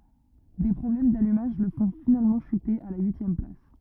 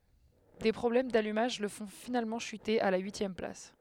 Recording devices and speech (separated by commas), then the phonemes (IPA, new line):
rigid in-ear microphone, headset microphone, read sentence
de pʁɔblɛm dalymaʒ lə fɔ̃ finalmɑ̃ ʃyte a la yisjɛm plas